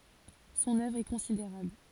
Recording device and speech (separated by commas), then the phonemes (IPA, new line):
forehead accelerometer, read sentence
sɔ̃n œvʁ ɛ kɔ̃sideʁabl